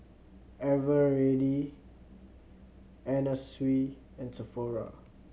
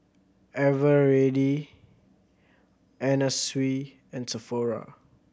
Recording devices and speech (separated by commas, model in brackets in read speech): mobile phone (Samsung C7100), boundary microphone (BM630), read sentence